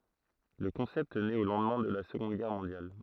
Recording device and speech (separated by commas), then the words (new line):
throat microphone, read sentence
Le concept nait au lendemain de la Seconde Guerre mondiale.